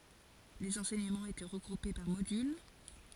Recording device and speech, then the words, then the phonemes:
forehead accelerometer, read sentence
Les enseignements étaient regroupés par modules.
lez ɑ̃sɛɲəmɑ̃z etɛ ʁəɡʁupe paʁ modyl

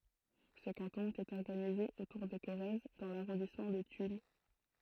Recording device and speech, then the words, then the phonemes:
throat microphone, read sentence
Ce canton était organisé autour de Corrèze dans l'arrondissement de Tulle.
sə kɑ̃tɔ̃ etɛt ɔʁɡanize otuʁ də koʁɛz dɑ̃ laʁɔ̃dismɑ̃ də tyl

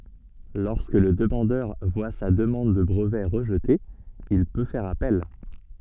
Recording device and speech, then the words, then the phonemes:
soft in-ear microphone, read sentence
Lorsque le demandeur voit sa demande de brevet rejetée, il peut faire appel.
lɔʁskə lə dəmɑ̃dœʁ vwa sa dəmɑ̃d də bʁəvɛ ʁəʒte il pø fɛʁ apɛl

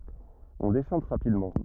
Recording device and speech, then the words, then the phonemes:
rigid in-ear microphone, read sentence
On déchante rapidement.
ɔ̃ deʃɑ̃t ʁapidmɑ̃

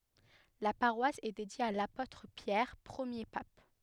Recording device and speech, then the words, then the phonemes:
headset microphone, read sentence
La paroisse est dédiée à l'apôtre Pierre, premier pape.
la paʁwas ɛ dedje a lapotʁ pjɛʁ pʁəmje pap

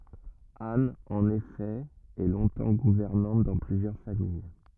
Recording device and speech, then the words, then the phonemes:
rigid in-ear microphone, read sentence
Anne, en effet, est longtemps gouvernante dans plusieurs familles.
an ɑ̃n efɛ ɛ lɔ̃tɑ̃ ɡuvɛʁnɑ̃t dɑ̃ plyzjœʁ famij

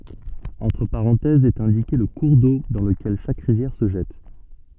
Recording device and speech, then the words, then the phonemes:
soft in-ear microphone, read sentence
Entre parenthèses est indiqué le cours d'eau dans lequel chaque rivière se jette.
ɑ̃tʁ paʁɑ̃tɛzz ɛt ɛ̃dike lə kuʁ do dɑ̃ ləkɛl ʃak ʁivjɛʁ sə ʒɛt

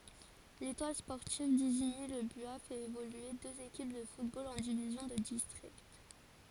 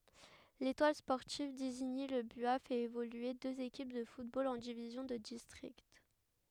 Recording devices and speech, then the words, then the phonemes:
forehead accelerometer, headset microphone, read sentence
L'Étoile sportive d'Isigny-le-Buat fait évoluer deux équipes de football en divisions de district.
letwal spɔʁtiv diziɲi lə bya fɛt evolye døz ekip də futbol ɑ̃ divizjɔ̃ də distʁikt

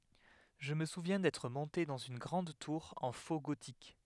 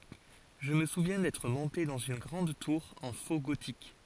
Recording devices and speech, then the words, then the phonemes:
headset microphone, forehead accelerometer, read sentence
Je me souviens d'être monté dans une grande tour en faux gothique.
ʒə mə suvjɛ̃ dɛtʁ mɔ̃te dɑ̃z yn ɡʁɑ̃d tuʁ ɑ̃ fo ɡotik

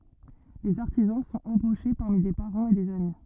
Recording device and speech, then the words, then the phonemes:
rigid in-ear microphone, read sentence
Les artisans sont embauchés parmi des parents et des amis.
lez aʁtizɑ̃ sɔ̃t ɑ̃boʃe paʁmi de paʁɑ̃z e dez ami

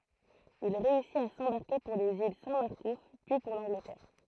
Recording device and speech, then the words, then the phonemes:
throat microphone, read sentence
Il réussit à s'embarquer pour les îles Saint-Marcouf, puis pour l'Angleterre.
il ʁeysit a sɑ̃baʁke puʁ lez il sɛ̃ maʁkuf pyi puʁ lɑ̃ɡlətɛʁ

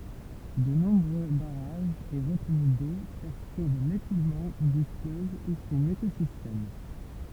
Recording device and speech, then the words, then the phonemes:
temple vibration pickup, read sentence
De nombreux barrages et retenues d'eau perturbent l'écoulement du fleuve et son écosystème.
də nɔ̃bʁø baʁaʒz e ʁətəny do pɛʁtyʁb lekulmɑ̃ dy fløv e sɔ̃n ekozistɛm

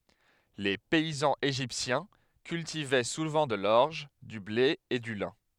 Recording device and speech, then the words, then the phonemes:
headset microphone, read sentence
Les paysans égyptiens cultivaient souvent de l'orge, du blé et du lin.
le pɛizɑ̃z eʒiptjɛ̃ kyltivɛ suvɑ̃ də lɔʁʒ dy ble e dy lɛ̃

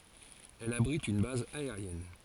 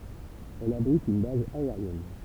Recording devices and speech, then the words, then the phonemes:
forehead accelerometer, temple vibration pickup, read sentence
Elle abrite une base aérienne.
ɛl abʁit yn baz aeʁjɛn

